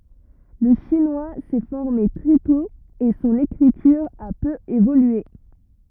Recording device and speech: rigid in-ear microphone, read sentence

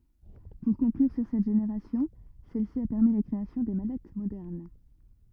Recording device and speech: rigid in-ear microphone, read sentence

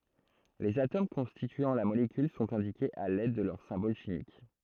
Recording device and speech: throat microphone, read sentence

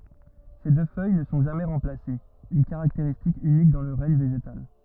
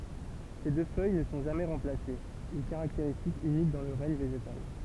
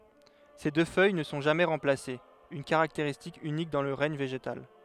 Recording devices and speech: rigid in-ear microphone, temple vibration pickup, headset microphone, read sentence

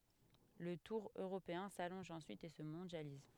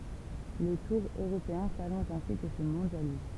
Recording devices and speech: headset microphone, temple vibration pickup, read sentence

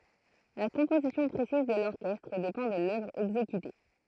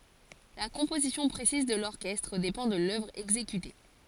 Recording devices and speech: throat microphone, forehead accelerometer, read sentence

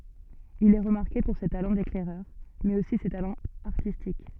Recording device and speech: soft in-ear microphone, read sentence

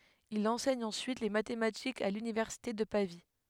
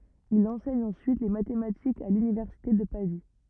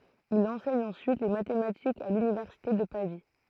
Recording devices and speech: headset microphone, rigid in-ear microphone, throat microphone, read sentence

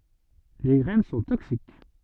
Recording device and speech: soft in-ear microphone, read sentence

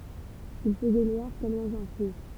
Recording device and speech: temple vibration pickup, read sentence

